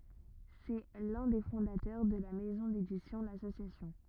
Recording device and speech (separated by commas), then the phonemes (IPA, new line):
rigid in-ear microphone, read sentence
sɛ lœ̃ de fɔ̃datœʁ də la mɛzɔ̃ dedisjɔ̃ lasosjasjɔ̃